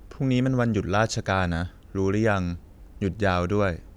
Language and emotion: Thai, frustrated